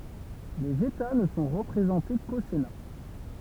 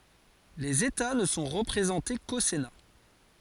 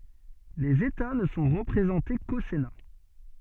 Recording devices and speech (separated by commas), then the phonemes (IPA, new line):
temple vibration pickup, forehead accelerometer, soft in-ear microphone, read sentence
lez eta nə sɔ̃ ʁəpʁezɑ̃te ko sena